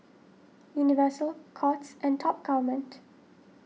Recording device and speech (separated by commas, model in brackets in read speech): mobile phone (iPhone 6), read sentence